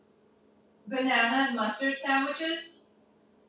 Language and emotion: English, fearful